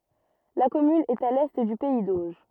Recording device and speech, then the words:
rigid in-ear microphone, read sentence
La commune est à l'est du pays d'Auge.

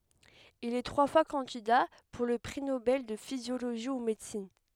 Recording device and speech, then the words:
headset microphone, read sentence
Il est trois fois candidat pour le prix Nobel de physiologie ou médecine.

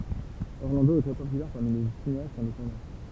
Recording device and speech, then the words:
temple vibration pickup, read sentence
Orlando est très populaire parmi les cinéastes indépendants.

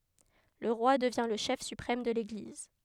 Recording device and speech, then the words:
headset microphone, read sentence
Le roi devient le chef suprême de l'Église.

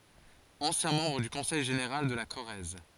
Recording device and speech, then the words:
forehead accelerometer, read sentence
Ancien membre du Conseil général de la Corrèze.

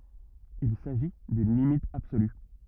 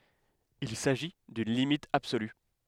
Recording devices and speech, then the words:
rigid in-ear microphone, headset microphone, read sentence
Il s'agit d'une limite absolue.

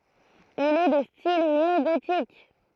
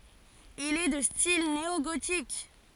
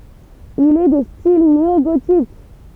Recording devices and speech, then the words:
throat microphone, forehead accelerometer, temple vibration pickup, read sentence
Il est de style néogothique.

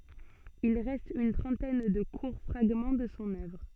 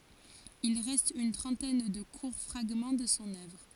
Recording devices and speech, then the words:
soft in-ear microphone, forehead accelerometer, read sentence
Il reste une trentaine de courts fragments de son œuvre.

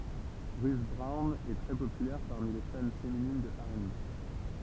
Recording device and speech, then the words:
temple vibration pickup, read sentence
Ruth Brown est très populaire parmi les fans féminines de R&B.

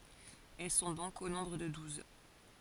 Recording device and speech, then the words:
forehead accelerometer, read sentence
Elles sont donc au nombre de douze.

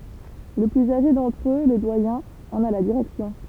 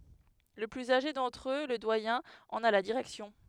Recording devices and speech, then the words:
temple vibration pickup, headset microphone, read sentence
Le plus âgé d'entre eux, le doyen, en a la direction.

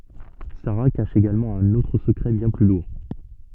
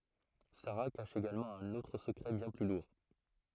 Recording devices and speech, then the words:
soft in-ear microphone, throat microphone, read sentence
Sara cache également un autre secret bien plus lourd.

